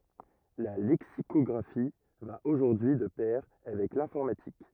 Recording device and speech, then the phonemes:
rigid in-ear microphone, read sentence
la lɛksikɔɡʁafi va oʒuʁdyi y də pɛʁ avɛk lɛ̃fɔʁmatik

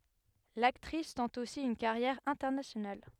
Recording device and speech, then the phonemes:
headset microphone, read sentence
laktʁis tɑ̃t osi yn kaʁjɛʁ ɛ̃tɛʁnasjonal

